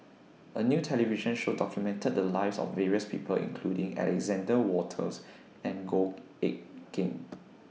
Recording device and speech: mobile phone (iPhone 6), read sentence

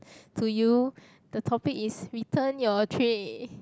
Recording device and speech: close-talking microphone, conversation in the same room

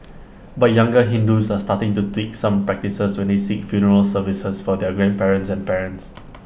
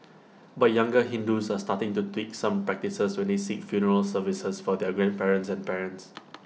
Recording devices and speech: boundary microphone (BM630), mobile phone (iPhone 6), read sentence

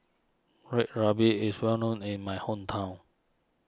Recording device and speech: standing microphone (AKG C214), read sentence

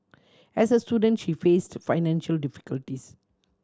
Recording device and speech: standing microphone (AKG C214), read sentence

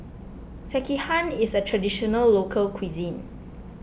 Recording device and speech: boundary microphone (BM630), read sentence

